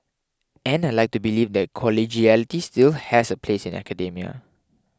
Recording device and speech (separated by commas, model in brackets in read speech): close-talking microphone (WH20), read sentence